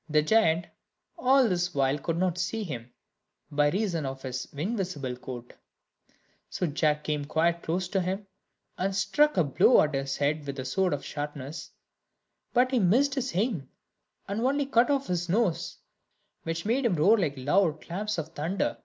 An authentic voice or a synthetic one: authentic